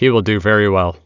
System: none